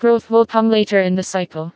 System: TTS, vocoder